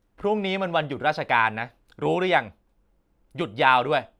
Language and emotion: Thai, frustrated